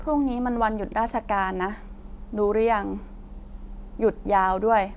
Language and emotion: Thai, neutral